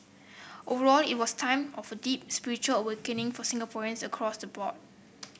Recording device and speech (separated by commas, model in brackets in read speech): boundary microphone (BM630), read sentence